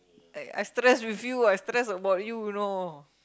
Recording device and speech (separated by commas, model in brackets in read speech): close-talking microphone, conversation in the same room